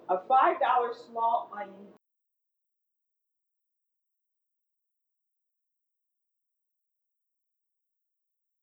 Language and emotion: English, happy